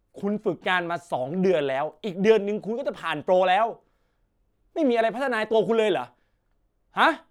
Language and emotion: Thai, angry